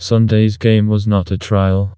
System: TTS, vocoder